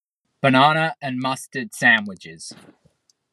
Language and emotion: English, disgusted